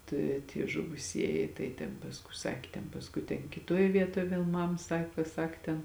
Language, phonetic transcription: Lithuanian, ˈta i tie žuvuˈsieji tai ten pasˈkui ˈsakė ten pasˈkui ten kiˈtoj ˈvietoj ˈvėl ˈmam ˈsako ˈsak ten

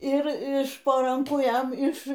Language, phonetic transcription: Lithuanian, ir iš po ˈrankų ˈjam iš

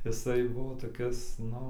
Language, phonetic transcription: Lithuanian, jiˈsai ˈbuvo toˈkis ˈnu

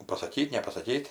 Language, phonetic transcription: Lithuanian, pasaˈkyt' nepasaˈkyt'

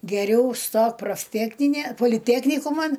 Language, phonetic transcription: Lithuanian, geˈriau ˈstok profˈtekninė poliˈteknikuman

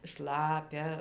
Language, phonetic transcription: Lithuanian, ˈšlapia

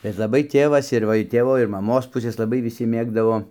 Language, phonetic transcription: Lithuanian, bet laˈbai ˈtėvas ir ˈva ir ˈtėvo ir maˈmos ˈpusės laˈbai viˈsi ˈmėgdavo

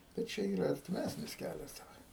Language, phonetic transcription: Lithuanian, per ˈčia ˈyra artiˈmæsnis ˈkælias daˈbar

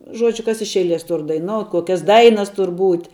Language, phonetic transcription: Lithuanian, ˈžuodžiu kas iš ˈeiˌlies ˈtur daiˈnout' ˈkokias ˈdainas ˈtur ˈbūt'

